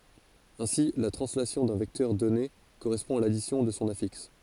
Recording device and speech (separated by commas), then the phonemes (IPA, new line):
forehead accelerometer, read sentence
ɛ̃si la tʁɑ̃slasjɔ̃ dœ̃ vɛktœʁ dɔne koʁɛspɔ̃ a ladisjɔ̃ də sɔ̃ afiks